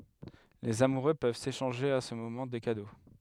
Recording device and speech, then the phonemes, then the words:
headset microphone, read sentence
lez amuʁø pøv seʃɑ̃ʒe a sə momɑ̃ de kado
Les amoureux peuvent s’échanger à ce moment des cadeaux.

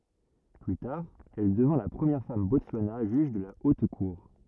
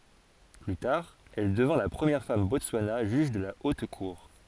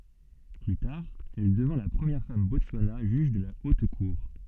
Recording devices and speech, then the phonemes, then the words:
rigid in-ear microphone, forehead accelerometer, soft in-ear microphone, read sentence
ply taʁ ɛl dəvɛ̃ la pʁəmjɛʁ fam bɔtswana ʒyʒ də la ot kuʁ
Plus tard, elle devint la première femme Botswana juge de la Haute Cour.

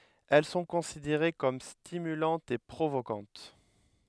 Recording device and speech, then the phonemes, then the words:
headset microphone, read sentence
ɛl sɔ̃ kɔ̃sideʁe kɔm stimylɑ̃tz e pʁovokɑ̃t
Elles sont considérées comme stimulantes et provocantes.

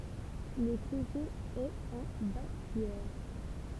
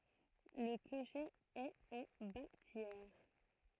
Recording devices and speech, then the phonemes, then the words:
temple vibration pickup, throat microphone, read sentence
lə kloʃe ɛt ɑ̃ batjɛʁ
Le clocher est en bâtière.

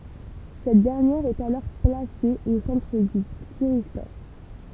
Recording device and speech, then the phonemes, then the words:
temple vibration pickup, read sentence
sɛt dɛʁnjɛʁ ɛt alɔʁ plase o sɑ̃tʁ dy tiʁistɔʁ
Cette dernière est alors placée au centre du thyristor.

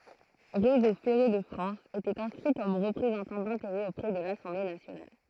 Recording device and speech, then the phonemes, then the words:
throat microphone, read sentence
ʁezo fɛʁe də fʁɑ̃s etɛt ɛ̃skʁi kɔm ʁəpʁezɑ̃tɑ̃ dɛ̃teʁɛz opʁɛ də lasɑ̃ble nasjonal
Réseau ferré de France était inscrit comme représentant d'intérêts auprès de l'Assemblée nationale.

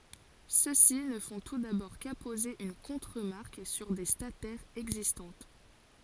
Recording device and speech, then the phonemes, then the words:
forehead accelerometer, read sentence
søksi nə fɔ̃ tu dabɔʁ kapoze yn kɔ̃tʁəmaʁk syʁ de statɛʁz ɛɡzistɑ̃t
Ceux-ci ne font tout d’abord qu’apposer une contremarque sur des statères existantes.

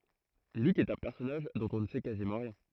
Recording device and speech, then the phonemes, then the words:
throat microphone, read sentence
lyk ɛt œ̃ pɛʁsɔnaʒ dɔ̃t ɔ̃ nə sɛ kazimɑ̃ ʁjɛ̃
Luc est un personnage dont on ne sait quasiment rien.

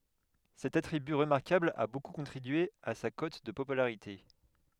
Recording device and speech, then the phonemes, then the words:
headset microphone, read sentence
sɛt atʁiby ʁəmaʁkabl a boku kɔ̃tʁibye a sa kɔt də popylaʁite
Cet attribut remarquable a beaucoup contribué à sa cote de popularité.

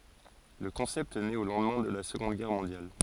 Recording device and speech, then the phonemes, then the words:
forehead accelerometer, read sentence
lə kɔ̃sɛpt nɛt o lɑ̃dmɛ̃ də la səɡɔ̃d ɡɛʁ mɔ̃djal
Le concept nait au lendemain de la Seconde Guerre mondiale.

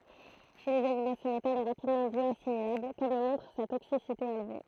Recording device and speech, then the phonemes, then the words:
throat microphone, read sentence
ʃe lez animo sə metal ɛ ʁapidmɑ̃ bjɔasimilabl kɔm lə mɔ̃tʁ sa toksisite elve
Chez les animaux, ce métal est rapidement bioassimilable, comme le montre sa toxicité élevée.

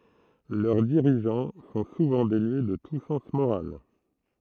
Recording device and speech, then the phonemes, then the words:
throat microphone, read sentence
lœʁ diʁiʒɑ̃ sɔ̃ suvɑ̃ denye də tu sɑ̃s moʁal
Leurs dirigeants sont souvent dénués de tout sens moral.

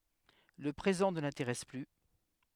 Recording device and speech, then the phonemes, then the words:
headset microphone, read sentence
lə pʁezɑ̃ nə lɛ̃teʁɛs ply
Le présent ne l’intéresse plus.

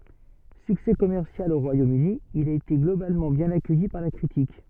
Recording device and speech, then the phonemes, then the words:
soft in-ear microphone, read sentence
syksɛ kɔmɛʁsjal o ʁwajomøni il a ete ɡlobalmɑ̃ bjɛ̃n akœji paʁ la kʁitik
Succès commercial au Royaume-Uni, il a été globalement bien accueilli par la critique.

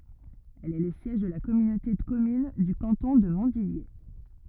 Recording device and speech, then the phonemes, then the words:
rigid in-ear microphone, read sentence
ɛl ɛ lə sjɛʒ də la kɔmynote də kɔmyn dy kɑ̃tɔ̃ də mɔ̃tdidje
Elle est le siège de la communauté de communes du canton de Montdidier.

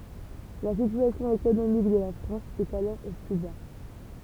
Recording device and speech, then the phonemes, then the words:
temple vibration pickup, read sentence
la sityasjɔ̃ ekonomik də la fʁɑ̃s ɛt alɔʁ o ply ba
La situation économique de la France est alors au plus bas.

